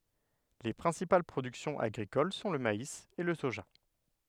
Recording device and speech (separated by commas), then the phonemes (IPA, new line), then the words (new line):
headset microphone, read sentence
le pʁɛ̃sipal pʁodyksjɔ̃z aɡʁikol sɔ̃ lə mais e lə soʒa
Les principales productions agricoles sont le maïs et le soja.